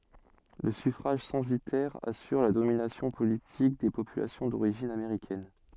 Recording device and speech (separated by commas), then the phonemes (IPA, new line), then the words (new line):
soft in-ear microphone, read sentence
lə syfʁaʒ sɑ̃sitɛʁ asyʁ la dominasjɔ̃ politik de popylasjɔ̃ doʁiʒin ameʁikɛn
Le suffrage censitaire assure la domination politique des populations d'origine américaine.